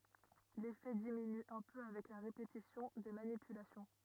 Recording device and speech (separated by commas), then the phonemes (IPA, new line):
rigid in-ear microphone, read sentence
lefɛ diminy œ̃ pø avɛk la ʁepetisjɔ̃ de manipylasjɔ̃